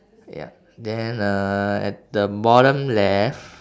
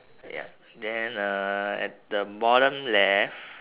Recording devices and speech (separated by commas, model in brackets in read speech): standing microphone, telephone, conversation in separate rooms